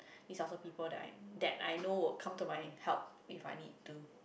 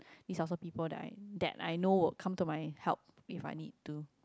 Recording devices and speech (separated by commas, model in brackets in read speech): boundary microphone, close-talking microphone, conversation in the same room